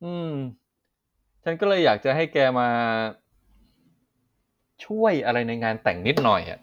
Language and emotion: Thai, neutral